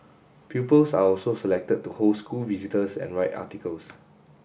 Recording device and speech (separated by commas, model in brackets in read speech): boundary microphone (BM630), read sentence